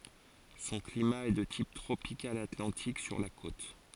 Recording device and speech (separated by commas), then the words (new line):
forehead accelerometer, read sentence
Son climat est de type tropical atlantique sur la côte.